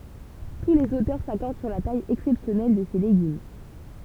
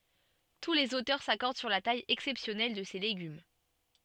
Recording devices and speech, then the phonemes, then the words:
temple vibration pickup, soft in-ear microphone, read sentence
tu lez otœʁ sakɔʁd syʁ la taj ɛksɛpsjɔnɛl də se leɡym
Tous les auteurs s'accordent sur la taille exceptionnelle de ces légumes.

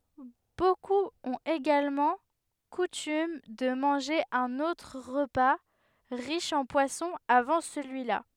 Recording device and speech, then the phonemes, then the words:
headset microphone, read sentence
bokup ɔ̃t eɡalmɑ̃ kutym də mɑ̃ʒe œ̃n otʁ ʁəpa ʁiʃ ɑ̃ pwasɔ̃ avɑ̃ səlyila
Beaucoup ont également coutume de manger un autre repas riche en poisson avant celui-là.

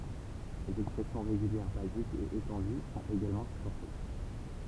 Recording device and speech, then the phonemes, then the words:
temple vibration pickup, read sentence
lez ɛkspʁɛsjɔ̃ ʁeɡyljɛʁ bazikz e etɑ̃dy sɔ̃t eɡalmɑ̃ sypɔʁte
Les expressions régulières basiques et étendues sont également supportées.

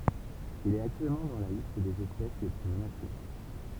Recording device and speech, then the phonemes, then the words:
temple vibration pickup, read sentence
il ɛt aktyɛlmɑ̃ dɑ̃ la list dez ɛspɛs le ply mənase
Il est actuellement dans la liste des espèces les plus menacées.

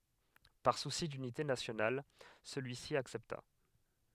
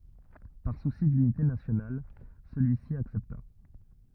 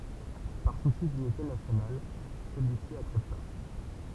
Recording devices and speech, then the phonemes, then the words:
headset microphone, rigid in-ear microphone, temple vibration pickup, read sentence
paʁ susi dynite nasjonal səlyisi aksɛpta
Par souci d'unité nationale, celui-ci accepta.

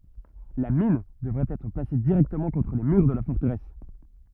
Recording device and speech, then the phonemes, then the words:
rigid in-ear microphone, read sentence
la min dəvɛt ɛtʁ plase diʁɛktəmɑ̃ kɔ̃tʁ le myʁ də la fɔʁtəʁɛs
La mine devait être placé directement contre les murs de la forteresse.

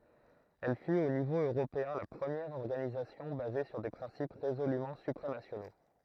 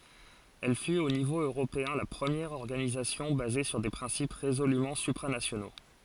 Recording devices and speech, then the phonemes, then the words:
throat microphone, forehead accelerometer, read sentence
ɛl fyt o nivo øʁopeɛ̃ la pʁəmjɛʁ ɔʁɡanizasjɔ̃ baze syʁ de pʁɛ̃sip ʁezolymɑ̃ sypʁanasjono
Elle fut au niveau européen la première organisation basée sur des principes résolument supranationaux.

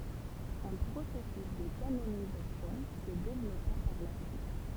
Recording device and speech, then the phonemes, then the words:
temple vibration pickup, read sentence
œ̃ pʁosɛsys də kanonizasjɔ̃ sə devlɔpa paʁ la syit
Un processus de canonisation se développa par la suite.

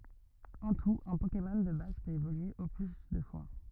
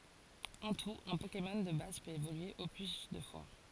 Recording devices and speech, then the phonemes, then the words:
rigid in-ear microphone, forehead accelerometer, read sentence
ɑ̃ tut œ̃ pokemɔn də baz pøt evolye o ply dø fwa
En tout, un Pokémon de base peut évoluer au plus deux fois.

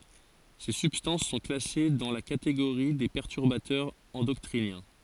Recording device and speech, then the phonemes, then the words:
forehead accelerometer, read sentence
se sybstɑ̃s sɔ̃ klase dɑ̃ la kateɡoʁi de pɛʁtyʁbatœʁz ɑ̃dɔkʁinjɛ̃
Ces substances sont classées dans la catégorie des perturbateurs endocriniens.

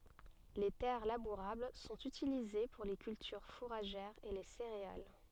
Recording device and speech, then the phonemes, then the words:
soft in-ear microphone, read sentence
le tɛʁ labuʁabl sɔ̃t ytilize puʁ le kyltyʁ fuʁaʒɛʁz e le seʁeal
Les terres labourables sont utilisées pour les cultures fourragères et les céréales.

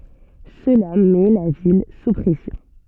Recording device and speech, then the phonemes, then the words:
soft in-ear microphone, read sentence
səla mɛ la vil su pʁɛsjɔ̃
Cela met la ville sous pression.

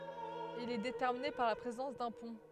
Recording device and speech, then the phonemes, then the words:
headset microphone, read sentence
il ɛ detɛʁmine paʁ la pʁezɑ̃s dœ̃ pɔ̃
Il est déterminé par la présence d'un pont.

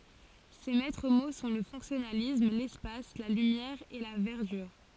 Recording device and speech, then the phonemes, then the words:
forehead accelerometer, read sentence
se mɛtʁ mo sɔ̃ lə fɔ̃ksjɔnalism lɛspas la lymjɛʁ e la vɛʁdyʁ
Ses maîtres mots sont le fonctionnalisme, l'espace, la lumière et la verdure.

